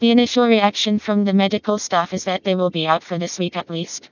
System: TTS, vocoder